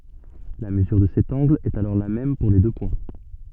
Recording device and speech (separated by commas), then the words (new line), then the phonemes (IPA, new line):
soft in-ear microphone, read sentence
La mesure de cet angle est alors la même pour les deux points.
la məzyʁ də sɛt ɑ̃ɡl ɛt alɔʁ la mɛm puʁ le dø pwɛ̃